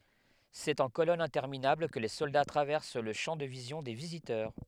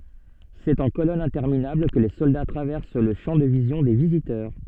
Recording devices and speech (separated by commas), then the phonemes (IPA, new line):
headset microphone, soft in-ear microphone, read sentence
sɛt ɑ̃ kolɔnz ɛ̃tɛʁminabl kə le sɔlda tʁavɛʁs lə ʃɑ̃ də vizjɔ̃ de vizitœʁ